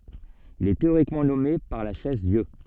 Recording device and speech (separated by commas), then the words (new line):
soft in-ear microphone, read sentence
Il est théoriquement nommé par la Chaise-Dieu.